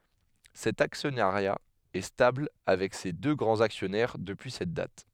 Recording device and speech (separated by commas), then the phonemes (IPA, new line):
headset microphone, read sentence
sɛt aksjɔnaʁja ɛ stabl avɛk se dø ɡʁɑ̃z aksjɔnɛʁ dəpyi sɛt dat